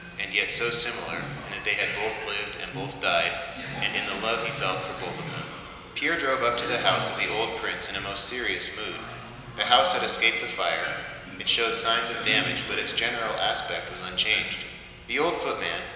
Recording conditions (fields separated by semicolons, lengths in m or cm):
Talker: one person; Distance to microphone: 1.7 m; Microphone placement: close; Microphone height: 1.0 m; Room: very reverberant, large; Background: television